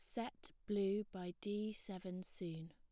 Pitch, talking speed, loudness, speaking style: 190 Hz, 145 wpm, -45 LUFS, plain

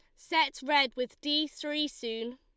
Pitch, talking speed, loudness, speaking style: 295 Hz, 165 wpm, -30 LUFS, Lombard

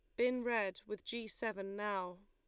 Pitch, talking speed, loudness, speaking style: 210 Hz, 175 wpm, -39 LUFS, Lombard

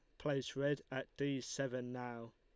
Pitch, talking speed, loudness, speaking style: 135 Hz, 165 wpm, -41 LUFS, Lombard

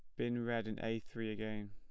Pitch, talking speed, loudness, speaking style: 110 Hz, 240 wpm, -41 LUFS, plain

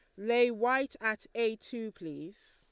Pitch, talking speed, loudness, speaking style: 225 Hz, 155 wpm, -32 LUFS, Lombard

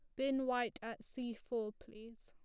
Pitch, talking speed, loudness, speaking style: 230 Hz, 180 wpm, -40 LUFS, plain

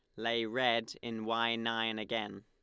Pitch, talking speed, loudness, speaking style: 115 Hz, 160 wpm, -34 LUFS, Lombard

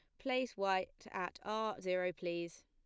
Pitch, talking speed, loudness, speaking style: 190 Hz, 145 wpm, -39 LUFS, plain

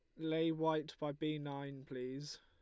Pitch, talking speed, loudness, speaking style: 150 Hz, 165 wpm, -41 LUFS, Lombard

